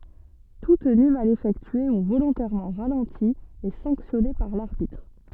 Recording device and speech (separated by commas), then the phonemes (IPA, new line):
soft in-ear microphone, read sentence
tu təny mal efɛktye u volɔ̃tɛʁmɑ̃ ʁalɑ̃ti ɛ sɑ̃ksjɔne paʁ laʁbitʁ